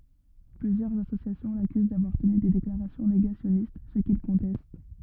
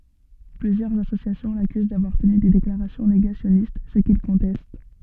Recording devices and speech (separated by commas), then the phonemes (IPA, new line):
rigid in-ear microphone, soft in-ear microphone, read sentence
plyzjœʁz asosjasjɔ̃ lakyz davwaʁ təny de deklaʁasjɔ̃ neɡasjɔnist sə kil kɔ̃tɛst